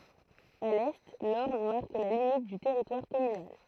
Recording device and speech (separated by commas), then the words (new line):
throat microphone, read sentence
À l'est, l'Orne marque la limite du territoire communal.